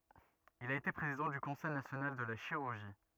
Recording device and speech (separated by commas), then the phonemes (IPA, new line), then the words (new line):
rigid in-ear microphone, read sentence
il a ete pʁezidɑ̃ dy kɔ̃sɛj nasjonal də la ʃiʁyʁʒi
Il a été président du Conseil national de la chirurgie.